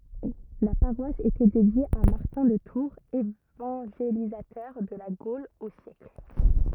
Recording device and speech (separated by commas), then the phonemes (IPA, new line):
rigid in-ear microphone, read sentence
la paʁwas etɛ dedje a maʁtɛ̃ də tuʁz evɑ̃ʒelizatœʁ də la ɡol o sjɛkl